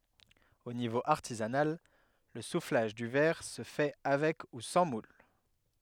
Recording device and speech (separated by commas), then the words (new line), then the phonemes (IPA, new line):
headset microphone, read sentence
Au niveau artisanal, le soufflage du verre se fait avec ou sans moule.
o nivo aʁtizanal lə suflaʒ dy vɛʁ sə fɛ avɛk u sɑ̃ mul